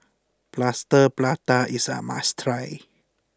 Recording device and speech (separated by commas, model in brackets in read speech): close-talking microphone (WH20), read sentence